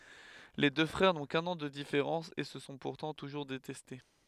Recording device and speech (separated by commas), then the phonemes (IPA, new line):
headset microphone, read sentence
le dø fʁɛʁ nɔ̃ kœ̃n ɑ̃ də difeʁɑ̃s e sə sɔ̃ puʁtɑ̃ tuʒuʁ detɛste